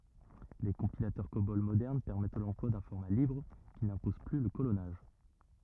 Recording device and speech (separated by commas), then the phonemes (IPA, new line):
rigid in-ear microphone, read sentence
le kɔ̃pilatœʁ kobɔl modɛʁn pɛʁmɛt lɑ̃plwa dœ̃ fɔʁma libʁ ki nɛ̃pɔz ply lə kolɔnaʒ